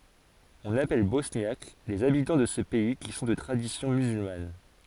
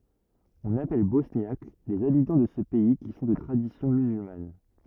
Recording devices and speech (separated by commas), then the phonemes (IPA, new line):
forehead accelerometer, rigid in-ear microphone, read sentence
ɔ̃n apɛl bɔsnjak lez abitɑ̃ də sə pɛi ki sɔ̃ də tʁadisjɔ̃ myzylman